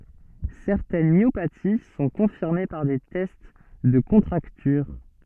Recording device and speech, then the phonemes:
soft in-ear microphone, read sentence
sɛʁtɛn mjopati sɔ̃ kɔ̃fiʁme paʁ de tɛst də kɔ̃tʁaktyʁ

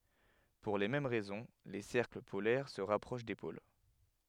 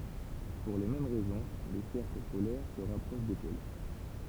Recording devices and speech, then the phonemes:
headset microphone, temple vibration pickup, read sentence
puʁ le mɛm ʁɛzɔ̃ le sɛʁkl polɛʁ sə ʁapʁoʃ de pol

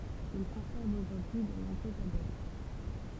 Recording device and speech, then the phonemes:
temple vibration pickup, read sentence
il kɔ̃sɛʁv oʒuʁdyi də nɔ̃bʁøz adɛpt

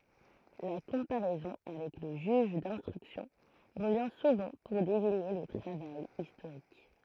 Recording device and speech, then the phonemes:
throat microphone, read sentence
la kɔ̃paʁɛzɔ̃ avɛk lə ʒyʒ dɛ̃stʁyksjɔ̃ ʁəvjɛ̃ suvɑ̃ puʁ deziɲe lə tʁavaj istoʁik

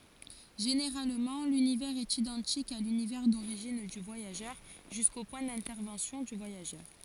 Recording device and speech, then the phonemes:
forehead accelerometer, read sentence
ʒeneʁalmɑ̃ lynivɛʁz ɛt idɑ̃tik a lynivɛʁ doʁiʒin dy vwajaʒœʁ ʒysko pwɛ̃ dɛ̃tɛʁvɑ̃sjɔ̃ dy vwajaʒœʁ

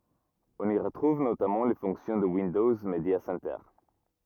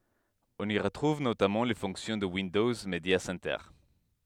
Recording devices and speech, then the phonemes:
rigid in-ear microphone, headset microphone, read sentence
ɔ̃n i ʁətʁuv notamɑ̃ le fɔ̃ksjɔ̃ də windɔz medja sɛntœʁ

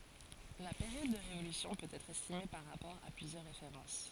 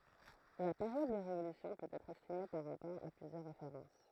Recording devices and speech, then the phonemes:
forehead accelerometer, throat microphone, read sentence
la peʁjɔd də ʁevolysjɔ̃ pøt ɛtʁ ɛstime paʁ ʁapɔʁ a plyzjœʁ ʁefeʁɑ̃s

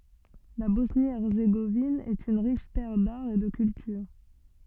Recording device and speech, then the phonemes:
soft in-ear microphone, read sentence
la bɔsnjəɛʁzeɡovin ɛt yn ʁiʃ tɛʁ daʁ e də kyltyʁ

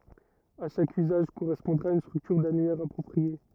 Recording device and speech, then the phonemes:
rigid in-ear microphone, read sentence
a ʃak yzaʒ koʁɛspɔ̃dʁa yn stʁyktyʁ danyɛʁ apʁɔpʁie

